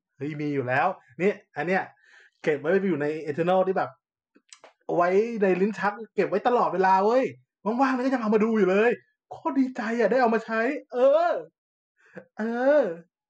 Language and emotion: Thai, happy